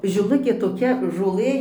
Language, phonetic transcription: Lithuanian, žiˈlukė toˈkia žoˈlɘ

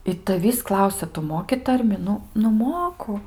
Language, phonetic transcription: Lithuanian, i taˈvįs ˈklausia tu ˈmoki ˈtarmi ˈnu nu ˈmoku

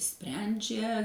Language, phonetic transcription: Lithuanian, ˈsprendžia

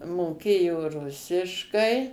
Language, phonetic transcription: Lithuanian, moˈkėjo ˈrusiškai

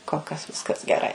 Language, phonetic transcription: Lithuanian, kol ˈkas ˈviskas geˈrai

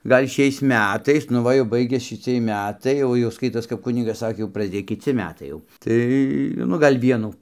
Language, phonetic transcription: Lithuanian, ˈgal' ˈšiais ˈmætais nu ˈva jau ˈbaigias šiˈciej ˈmætai ˈjau jau ˈskaitos kap ˈkunigas ˈsakė jau prasˈdėj kiˈci ˈmetai jau ˈtai nu ˈgal' ˈvienų

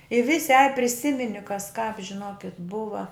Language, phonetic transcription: Lithuanian, i ˈvisi aj priˈsimini kas kāp žiˈnokit ˈbuva

